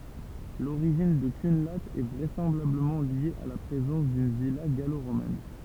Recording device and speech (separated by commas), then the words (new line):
temple vibration pickup, read sentence
L'origine de Cunlhat est vraisemblablement liée à la présence d'une villa gallo-romaine.